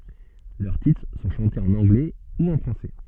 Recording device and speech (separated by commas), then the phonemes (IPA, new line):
soft in-ear microphone, read sentence
lœʁ titʁ sɔ̃ ʃɑ̃tez ɑ̃n ɑ̃ɡlɛ u ɑ̃ fʁɑ̃sɛ